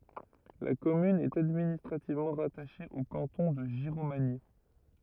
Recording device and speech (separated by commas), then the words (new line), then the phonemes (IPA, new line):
rigid in-ear microphone, read sentence
La commune est administrativement rattachée au canton de Giromagny.
la kɔmyn ɛt administʁativmɑ̃ ʁataʃe o kɑ̃tɔ̃ də ʒiʁomaɲi